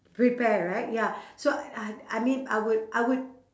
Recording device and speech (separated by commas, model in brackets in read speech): standing microphone, conversation in separate rooms